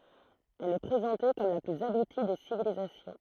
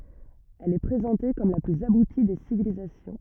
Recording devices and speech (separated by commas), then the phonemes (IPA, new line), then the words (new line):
throat microphone, rigid in-ear microphone, read sentence
ɛl ɛ pʁezɑ̃te kɔm la plyz abuti de sivilizasjɔ̃
Elle est présentée comme la plus aboutie des civilisations.